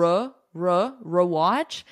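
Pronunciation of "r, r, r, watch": The first syllable of 'rewatch' is said with an unstressed schwa sound, not a full e.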